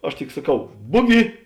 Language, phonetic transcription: Lithuanian, ˈaš tik saˈkau ˈbugi

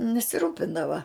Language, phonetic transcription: Lithuanian, nesiˈrūpindava

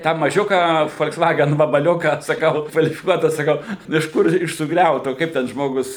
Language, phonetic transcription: Lithuanian, tą maˈžiuką fol'ksˈvagen vabaˈliuką saˈkau kvalifiˈkuota saˈkau iš ˈkur iš suˈgriauto ˈkaip ten ˈžmogus

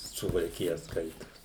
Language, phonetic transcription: Lithuanian, suvalˈkija ˈskaitos

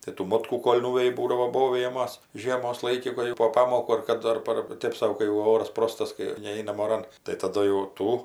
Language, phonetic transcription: Lithuanian, tai tų ˈmotkų ˈkol' ˈnuveji ˈbūdavo ˈbovijamas ˈžiemos ˈlaiki ˈkur jau po ˈpamokų ar ˈkadu ar ˈpar ˈtėp sau kai jau ˈoras ˈprostas kai ˈneinam oˈran tai taˈdu jau ˈtų

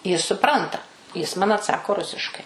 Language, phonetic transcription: Lithuanian, ˈjis suˈpranta ˈjis ˈman atˈsako ˈrusiškai

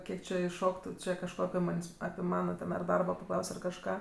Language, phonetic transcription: Lithuanian, ˈkiek či išˈšoktu ˈčia kažˈko api ˈmans' api ˈmana ten ar ˈdarbo paˈklaus' ar kažˈką

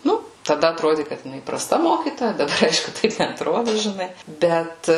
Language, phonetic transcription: Lithuanian, ˈnu taˈda atˈrodi kad jiˈnai praˈsta ˈmokytoja daˈbar ˈaišku ˈtaip neatˈrodu žiˈnai ˈbet

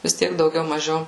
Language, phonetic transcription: Lithuanian, vis ˈtiek dauˈgiau maˈžiau

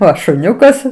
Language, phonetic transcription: Lithuanian, ˈo šuˈniukas

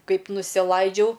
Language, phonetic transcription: Lithuanian, ˈkaip nusiˈlaidžiau

